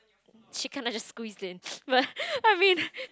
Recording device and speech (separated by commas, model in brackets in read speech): close-talking microphone, conversation in the same room